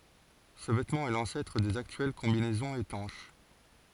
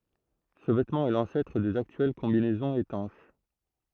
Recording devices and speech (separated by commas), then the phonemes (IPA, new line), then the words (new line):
forehead accelerometer, throat microphone, read sentence
sə vɛtmɑ̃ ɛ lɑ̃sɛtʁ dez aktyɛl kɔ̃binɛzɔ̃z etɑ̃ʃ
Ce vêtement est l'ancêtre des actuelles combinaisons étanches.